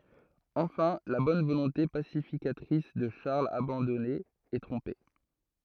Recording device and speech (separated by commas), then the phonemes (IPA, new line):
throat microphone, read sentence
ɑ̃fɛ̃ la bɔn volɔ̃te pasifikatʁis də ʃaʁl abɑ̃dɔne ɛ tʁɔ̃pe